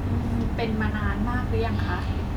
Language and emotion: Thai, neutral